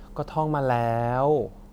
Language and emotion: Thai, frustrated